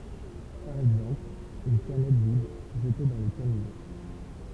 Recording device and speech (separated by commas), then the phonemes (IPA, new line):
temple vibration pickup, read sentence
paʁ ɛɡzɑ̃pl yn kanɛt vid ʒəte dɑ̃ lə kanivo